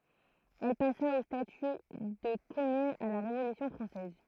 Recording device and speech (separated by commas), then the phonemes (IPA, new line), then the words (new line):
throat microphone, read sentence
ɛl pasa o staty də kɔmyn a la ʁevolysjɔ̃ fʁɑ̃sɛz
Elle passa au statut de commune à la Révolution française.